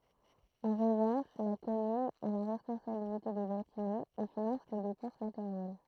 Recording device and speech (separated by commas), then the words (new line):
throat microphone, read sentence
En revanche, la commune a la responsabilité des bâtiments, et finance les dépenses matérielles.